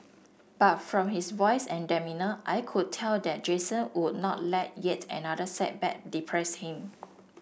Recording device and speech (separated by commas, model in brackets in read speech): boundary microphone (BM630), read sentence